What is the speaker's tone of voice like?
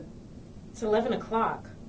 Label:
neutral